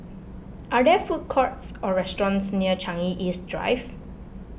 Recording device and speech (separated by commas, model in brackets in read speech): boundary microphone (BM630), read sentence